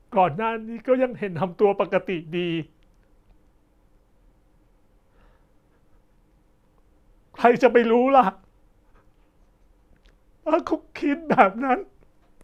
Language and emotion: Thai, sad